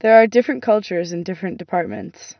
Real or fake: real